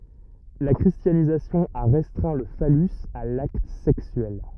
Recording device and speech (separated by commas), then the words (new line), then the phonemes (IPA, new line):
rigid in-ear microphone, read sentence
La christianisation a restreint le phallus à l’acte sexuel.
la kʁistjanizasjɔ̃ a ʁɛstʁɛ̃ lə falys a lakt sɛksyɛl